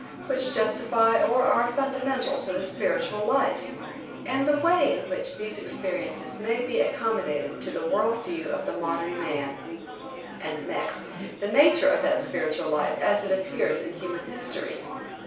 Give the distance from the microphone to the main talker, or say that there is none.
3.0 m.